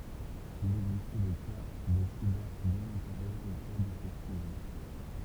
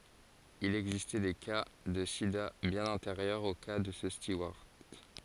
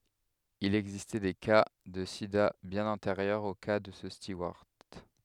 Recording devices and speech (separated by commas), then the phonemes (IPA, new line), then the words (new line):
temple vibration pickup, forehead accelerometer, headset microphone, read sentence
il ɛɡzistɛ de ka də sida bjɛ̃n ɑ̃teʁjœʁz o ka də sə stuwaʁt
Il existait des cas de sida bien antérieurs au cas de ce steward.